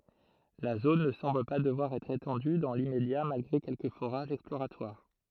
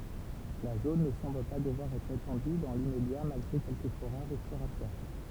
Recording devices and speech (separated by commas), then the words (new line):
throat microphone, temple vibration pickup, read sentence
La zone ne semble pas devoir être étendue dans l'immédiat malgré quelques forages exploratoires.